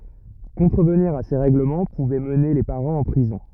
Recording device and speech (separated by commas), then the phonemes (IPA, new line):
rigid in-ear microphone, read sentence
kɔ̃tʁəvniʁ a se ʁɛɡləmɑ̃ puvɛ məne le paʁɑ̃z ɑ̃ pʁizɔ̃